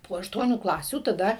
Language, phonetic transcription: Lithuanian, po ašˈtuonių ˈklasių taˈda

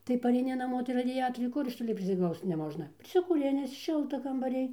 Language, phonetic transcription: Lithuanian, tai pareiˈni naˈmo tai raˈdiatoriai ˈkur iš ˈtoli prisiˈglausc neˈmožna prisikūˈrinis ˈšilta kambaˈrij

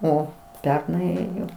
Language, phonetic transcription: Lithuanian, ˈo ˈpernai ˈėjo

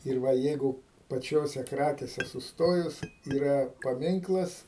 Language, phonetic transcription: Lithuanian, ir ˈva ˈjeigu paˈčiose ˈkrakėse susˈtojus yˈra paˈminklas

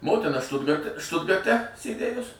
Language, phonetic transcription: Lithuanian, ˈmotina ˈštutgarte ˈštutgarte sėˈdėjus

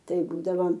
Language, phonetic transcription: Lithuanian, ˈtai ˈbūdavom

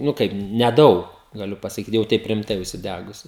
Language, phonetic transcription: Lithuanian, nu ˈkaip neˈdaug gaˈliu pasaˈkyt jau ˈteip rimˈtai užsiˈdægusiu

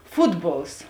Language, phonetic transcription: Lithuanian, ˈfutˌbols

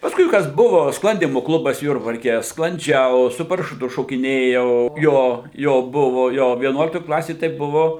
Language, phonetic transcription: Lithuanian, pasˈkui ˈkas ˈbuvo ˈsklandymu ˈklubas ˈjurbarke sklanˈdžiau su parašuˈtu šokiˈnėjau ˈjo ˈjo ˈbuvo ˈjo vieˈnuoliktoj ˈklasėj tai ˈbuvo

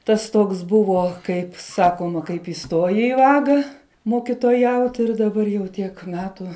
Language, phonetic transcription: Lithuanian, ˈtas ˈtoks ˈbuvo kaip ˈsakoma kaip iˈstojai i ˈvaga mokitoˈjaut ir daˈbar jau ˈtiek ˈmetu

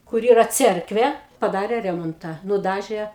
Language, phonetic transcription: Lithuanian, kur ˈyra ˈcerkvė paˈdarė ˈremontą nuˈdažė

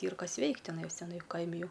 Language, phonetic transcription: Lithuanian, ˈyr ˈkas ˈveikt' tiˈnajos teˈnai ˈkaimi ˈjau

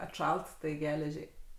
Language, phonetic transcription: Lithuanian, atˈšalt tai ˈgeležiai

